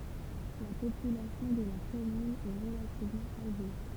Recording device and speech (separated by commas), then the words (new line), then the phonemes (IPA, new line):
temple vibration pickup, read sentence
La population de la commune est relativement âgée.
la popylasjɔ̃ də la kɔmyn ɛ ʁəlativmɑ̃ aʒe